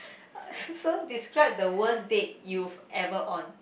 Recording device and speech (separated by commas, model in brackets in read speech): boundary microphone, conversation in the same room